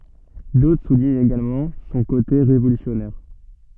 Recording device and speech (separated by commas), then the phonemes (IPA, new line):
soft in-ear microphone, read sentence
dotʁ suliɲt eɡalmɑ̃ sɔ̃ kote ʁevolysjɔnɛʁ